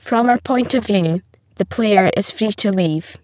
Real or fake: fake